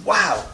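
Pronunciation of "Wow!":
The word 'wow' is completely stressed.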